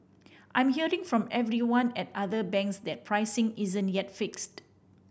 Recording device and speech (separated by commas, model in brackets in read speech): boundary microphone (BM630), read sentence